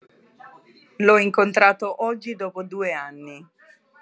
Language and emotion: Italian, neutral